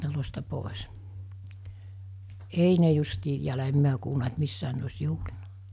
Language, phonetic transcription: Finnish, 'talosta 'pòes , 'ei ne justii em 'miä kuulna et 'missään ne os̜ 'juhlinᴀ .
- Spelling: talosta pois ei ne justiin en minä kuullut että missään ne olisi juhlinut

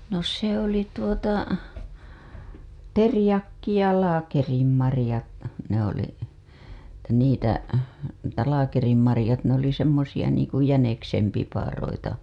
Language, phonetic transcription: Finnish, no se ‿oli tuota , "terĭjakki ja 'laakerimmarĭjat , ne ‿oli , -tä niitä , etä laakerimmarĭjat ne ‿oli semmosija niiŋ ku 'jäneksem piparoita .
- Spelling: no se oli tuota teriakki ja laakerinmarjat ne oli - niitä että laakerinmarjat ne oli semmoisia niin kuin jäniksen piparoita

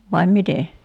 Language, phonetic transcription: Finnish, vaim 'mite ?
- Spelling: vai miten

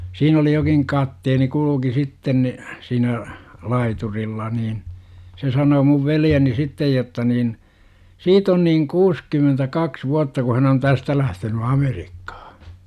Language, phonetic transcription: Finnish, siin ‿oli jokiŋ 'katteeni kuluki 'sitten ni , siinä , 'laiturilla niin , se sanoo muv 'veljeni "sittej jotta niin : 'siit ‿on niiŋ 'kuuskymentä'kaks vuatta ku hän ‿on "tästä lähteny 'AmerikkAhA .
- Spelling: siinä oli jokin kapteeni kulki sitten niin siinä laiturilla niin se sanoi minun veljeni sitten jotta niin siitä on niin kuusikymmentäkaksi vuotta kun hän on tästä lähtenyt Amerikkaan

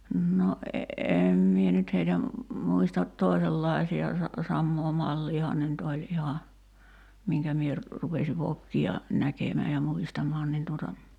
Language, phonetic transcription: Finnish, no , 'eem mie nyt heitä , 'muistat "toisellài̬si₍a sa- , 'sammoo "malliihaan ne nyt oĺ 'iha , miŋkä 'mie ‿r- , rupesi 'vokki₍a , 'näkemää ja 'muistamaan nin tuota ,.
- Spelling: no en minä nyt heitä muista toisenlaisia - samaa malliahan ne nyt oli ihan minkä minä - rupesin vokkia näkemään ja muistamaan niin tuota

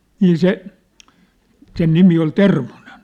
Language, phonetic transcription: Finnish, 'nii "se , sen 'nimi ol "Termo̭nen .
- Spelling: niin se sen nimi oli Termonen

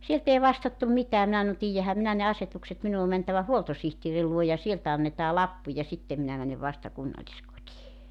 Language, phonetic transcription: Finnish, "sielt ‿èi 'vastattum 'mitää 'minä (sanon) » "tiijjähäm 'minä ne "asetukset 'minu o 'mäntävä "huoltosihtieri 'luo ja 'sieltä annetaa "lappu ja 'sittem minä mänev "vasta 'kunnalĺiskotii « .
- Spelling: sieltä ei vastattu mitään minä sanoin tiedänhän minä ne asetukset minun on mentävä huoltosihtierin luo ja sieltä annetaan lappu ja sitten minä menen vasta kunnalliskotiin

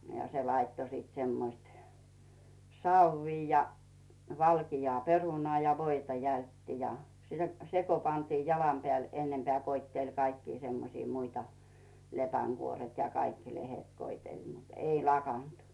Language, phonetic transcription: Finnish, ja se 'laitto siit semmoⁱst , "sauʷii ja , 'valkijoà "perunᵒà ja 'voita jältti ja , "se ko pantii 'jalam peä̀l ennempᵉä̀ koitteĺ kaikki semmosii 'muita , 'lepäŋɢuoret ja 'kaikki lehet koitel mut , 'ei "lakant .
- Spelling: ja se laittoi sitten semmoiset savea ja valkeaa perunaa ja voita jältti ja se kun pantiin jalan päälle ennempää koetteli kaikkia semmoisia muita lepänkuoret ja kaikki lehdet koetteli mutta ei lakannut

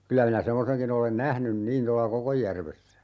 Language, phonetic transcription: Finnish, 'kylä minä 'semmoseŋkin ‿olen "nähnym 'niin tolla "Kokojjärvessä .
- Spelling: kyllä minä semmoisenkin olen nähnyt niin tuolla Kokonjärvessä

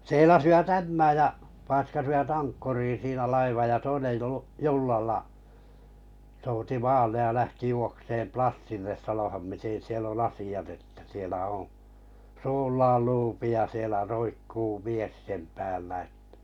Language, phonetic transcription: Finnish, 'seilasivat "Ämmääj ja , paiskasivat 'aŋkkurii siinä 'laivaj ja 'toinej juu- , 'jullalla , souti 'maallej ja lähti 'juokseem 'Plassilles 'sanoha̳m miten siel ‿on "asi₍at että sielä oo̰ , 'suullaal "luupi ja sielä 'roikkuu "mies sem 'päällä ‿ᵉttᴀ̈ .
- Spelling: seilasivat Ämmään ja paiskasivat ankkuriin siinä laivan ja toinen - jollalla souti maalle ja lähti juoksemaan Plassille sanomaan miten siellä on asiat että siellä on suullaan luuppi ja siellä roikkuu mies sen päällä että

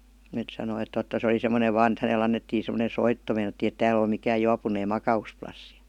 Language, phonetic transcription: Finnish, (et sanoi et) 'totta se oli sem̆monev 'vaan ‿et häne'l ‿annettii sem̆-monen̬ "soitto 'meinattiin ‿e "tääl ‿ol mikää 'juapun̆neem "maka₍usplassi .
- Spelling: että sanoi että totta se oli semmoinen vain että hänelle annettiin semmoinen soitto meinattiin ei täällä ole mikään juopuneen makausplassi

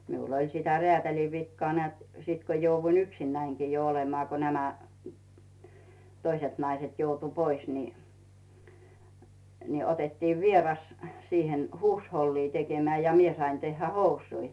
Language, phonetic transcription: Finnish, 'miul ‿oĺ sitä 'reätäli 'vikkᵒaa nᵉä̀t , 'sìt ko jouvvuin 'yksinnäiŋkii jo olemaa ko nämä , 'toiset 'naiset 'joutu "pois ni , ni 'otettiiv "vieras , 'siihen "huushollii 'tekemää ja 'mie sain tehhä "housui .
- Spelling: minulla oli sitä räätälin vikaa näet sitten kun jouduin yksinänikin jo olemaan kun nämä toiset naiset joutui pois niin niin otettiin vieras siihen huushollia tekemään ja minä sain tehdä housuja

